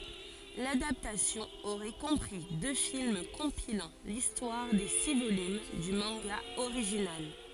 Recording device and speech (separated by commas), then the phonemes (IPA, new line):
forehead accelerometer, read sentence
ladaptasjɔ̃ oʁɛ kɔ̃pʁi dø film kɔ̃pilɑ̃ listwaʁ de si volym dy mɑ̃ɡa oʁiʒinal